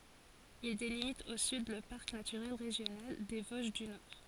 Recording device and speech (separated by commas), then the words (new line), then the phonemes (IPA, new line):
forehead accelerometer, read sentence
Il délimite au sud le parc naturel régional des Vosges du Nord.
il delimit o syd lə paʁk natyʁɛl ʁeʒjonal de voʒ dy nɔʁ